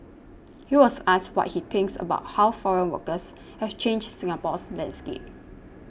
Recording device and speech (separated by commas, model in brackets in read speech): boundary microphone (BM630), read sentence